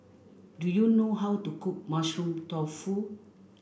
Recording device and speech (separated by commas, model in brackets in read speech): boundary microphone (BM630), read sentence